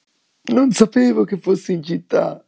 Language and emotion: Italian, sad